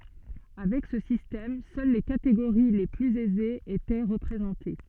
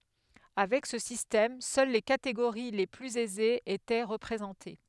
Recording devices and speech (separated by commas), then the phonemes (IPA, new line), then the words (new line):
soft in-ear microphone, headset microphone, read sentence
avɛk sə sistɛm sœl le kateɡoʁi le plyz ɛzez etɛ ʁəpʁezɑ̃te
Avec ce système, seules les catégories les plus aisées étaient représentées.